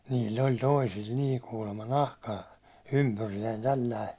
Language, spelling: Finnish, niillä oli toisilla niin kuulemma nahkaa ympyriäinen tällä lailla
- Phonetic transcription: niil̜l̜ ‿oĺ 'toisil̜ nii kuulemma "nahkaa , 'ympyrijäin tälläi ,.

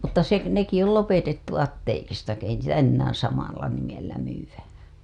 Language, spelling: Finnish, mutta se nekin oli lopetettu apteekista kun ei niitä enää samalla nimellä myydä
- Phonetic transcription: mutta se , neki ol 'lopetettu 'atteekista k ‿ei niitä 'ennäää̰ samalla nimellä myyw̆wä .

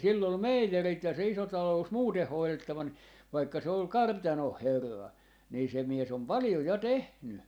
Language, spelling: Finnish, ja sillä oli meijerit ja se iso talous muuten hoidettava niin vaikka se oli kartanon herra niin se mies on paljon ja tehnyt
- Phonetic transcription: ja 'sill ‿ol "meijerit ja se 'iso 'talo₍ᵘs "muuteh 'hoilettava ni , vaikka se ol "kartanoh "herra , nii se 'mies ‿om "palⁱjo 'ja "tehny .

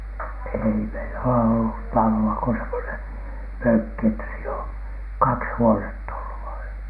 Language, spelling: Finnish, ei meillä ole ollut taloa kuin semmoinen mökki että siinä on kaksi huonetta ollut vain ja
- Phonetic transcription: 'èi meilä ole ollut "talo₍a ko semmonen , "mökki että siin ‿o , "kaks 'huonett ‿ollu vaiN (ja) .

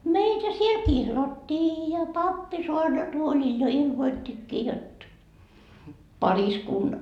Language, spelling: Finnish, meitä siellä kihlattiin ja pappi saarnatuolilla jo ilmoittikin jotta -
- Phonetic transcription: 'meitä siel "kihlattii , ja "pappi 'soarnatuolil jo 'ilmoittikkii jot , 'pariskun- ,.

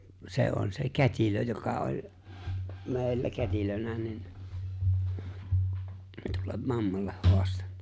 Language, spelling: Finnish, se on se kätilö joka oli meillä kätilönä niin tuolle mammalle haastanut
- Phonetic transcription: 'sè on se "kät́ilö joka oĺ , 'me̬e̬ⁱllä 'kät́ilönä nin , 'tuollem "mammalleh 'hoastᴀɴɴᴀ .

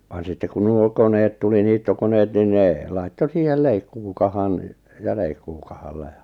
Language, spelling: Finnish, vaan sitten kun nuo koneet tuli niittokoneet niin ne laittoi siihen leikkuukahan ja leikkuukahalla ja
- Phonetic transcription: van sitte kun 'nuo 'koneet tuli 'niittokoneet nin 'ne , laitto 'siihel "leikkuukahan , ja 'leikkuukahallᴀ jᴀ ,.

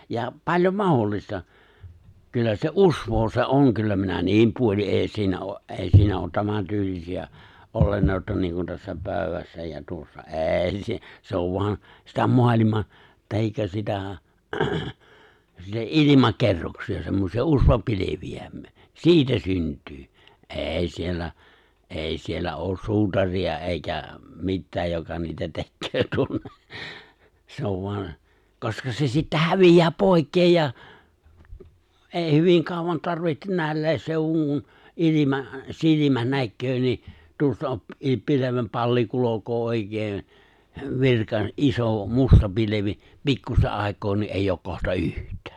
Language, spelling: Finnish, ja paljon mahdollista kyllä se usvaa se on kyllä minä niin puolin ei siinä ole - ei siinä ole tämän tyylisiä olentoja niin kuin tässä pöydässä ja tuossa ei - se on vain sitä maailman tai sitä sitä ilmakerroksia semmoisia usvapilviä siitä syntyy ei siellä ei siellä ole suutaria eikä mitään joka niitä tekee tuonne se on vain koska se sitten häviää pois ja ei hyvin kauan tarvitse näilläkin seuduin kun ilma silmä näkee niin tuosta - pilvenpalli kulkee oikein - iso musta pilvi pikkuista aikaa niin ei ole kohta yhtään
- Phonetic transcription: ja , 'paĺjom "mahollista , 'kyllä se "’uswoo se "’oŋ kyllä minä "ni̬im 'puoli’ '’è̬i siinä ’o ’ '’è̬i siinä ’oot 'tämän 'tyylisi₍ä , '’olennòi̬ta 'niiŋ kun tässä 'pö̀y̬̬wässä ja 'tuossa , '’eeⁱ si- , 'se ov vo̭an , sitä 'moaliman̬ , 'tahikka sitä , sitä "’ilimake̬rroksi₍a semmosi₍a "’usva'pili̬vi₍ä , "si̬itä 'synt̀yy , '’è̬i 'siellä , '’è̬i siellä '’oos "suutari₍a 'èikä , 'mittääj joka niitä "tekköö 'tuonne , se ov 'vo̭an , 'koska se sittä 'hävij̀ää "pòi̬kkeej ja , '’è̬i "hyviŋ 'kàuvan tarvi(hten) 'nä̀i̬llä̀es sèu̬wuŋ kun , '’ilima , 'silimä 'näkköö ni , 'tuosta , i- , 'pile̬vempalli 'kulok̀oo 'òikee , 'virka- , '’iso , 'musta , 'pilevi , 'pikkusta ’ài̬koo nii’ '’èijj ‿ook 'kohta "yht̀ᴀ̈ᴀ̈ .

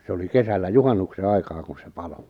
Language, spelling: Finnish, se oli kesällä juhannuksen aikaa kun se paloi
- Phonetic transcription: se oli 'kesällä "juhannukse "aikaa kun̬ se "palo ,.

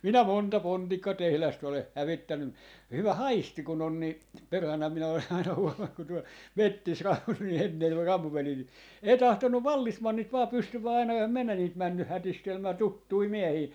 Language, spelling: Finnish, minä monta pontikkatehdasta olen hävittänyt - hyvä haisti kun on niin perhana minä olen aina huomannut kun tuolla metsissä ei tahtonut vallesmannit vain pystyä aina enhän minä niitä mennyt hätistelemään tuttuja miehiä
- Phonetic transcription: 'minä "monta "pontikkatehlast ‿oleh "hävittännym mu- , 'hyvä "haisti 'kun ‿on nii , perhana minä olen aina 'huomaŋ ku tuol "mettis - - , 'ei "tahtonnuv "vallismannit vaa 'pystyvä aina (ehäm minä) niit 'männyh̆ "hätistelmää , "tuttui "miehii .

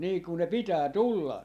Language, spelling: Finnish, niin kun ne pitää tulla
- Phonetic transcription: nii kun ne 'pitää "tulla .

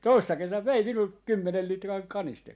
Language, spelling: Finnish, toissa kesänä vei minulta kymmenen litran kanisterin
- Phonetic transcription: 'toissa 'kesäv "vei 'minult , 'kymmenel 'litraŋ 'kanisterin .

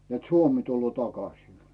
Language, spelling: Finnish, että Suomi tulee takaisin
- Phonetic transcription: net "Suomi tulloo 'takasin . .

